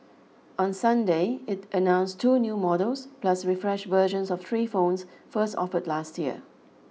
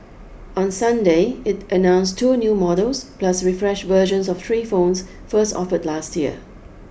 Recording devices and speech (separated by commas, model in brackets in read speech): mobile phone (iPhone 6), boundary microphone (BM630), read sentence